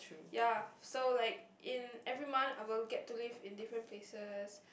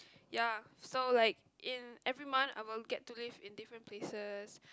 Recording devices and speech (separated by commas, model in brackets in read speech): boundary microphone, close-talking microphone, conversation in the same room